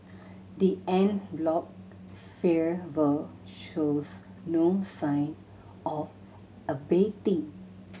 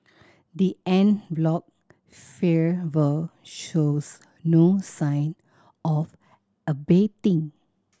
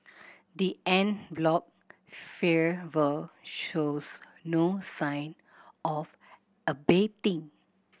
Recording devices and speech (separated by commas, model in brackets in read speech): mobile phone (Samsung C7100), standing microphone (AKG C214), boundary microphone (BM630), read sentence